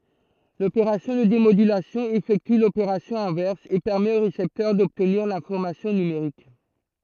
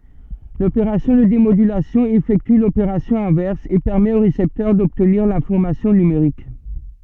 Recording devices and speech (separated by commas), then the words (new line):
throat microphone, soft in-ear microphone, read sentence
L’opération de démodulation effectue l’opération inverse et permet au récepteur d’obtenir l’information numérique.